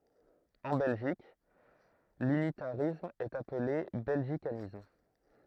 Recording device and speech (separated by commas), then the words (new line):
throat microphone, read sentence
En Belgique, l'unitarisme est appelé belgicanisme.